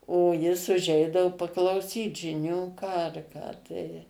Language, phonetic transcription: Lithuanian, o ˈjis uˈžeidavu paklauˈsyt žiˈnių ˈką ar ˈką tai

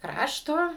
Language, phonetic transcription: Lithuanian, ˈkrašto

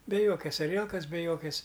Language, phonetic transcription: Lithuanian, be ˈjokias aˈrielkas be ˈjokias

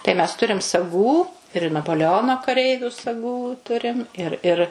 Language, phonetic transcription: Lithuanian, tai mes ˈturim saˈgų ir napoleˈono kaˈreiviu saˈgų ˈturim ir ir

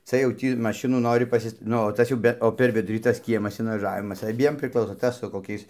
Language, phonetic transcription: Lithuanian, ˈca jau ˈtį maˈšinų ˈnori paˈsis ˈnu o ˈtas jau ˈbe o per ˈvidurį tas ˈkiemas invaˈžavimas aˈbiem priˈklauso ˈtas su koˈkiais

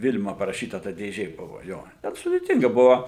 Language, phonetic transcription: Lithuanian, ˈvil'ma paraˈšyta ta dėˈžė ˈbuvo ˈjo ten sudėˈtinga ˈbuvo

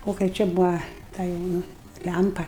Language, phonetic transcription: Lithuanian, ˈo kai ˈčia ˈbua ˈta jau ˈnu ˈlæmpa

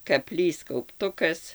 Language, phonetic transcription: Lithuanian, kaˈplys kaupˈtukas

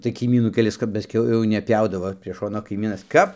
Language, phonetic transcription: Lithuanian, tai kaiˈmynų keˈlis kap paˈskiau jau neˈpjaudavo prie ˈšono kaiˈmynas ˈkap

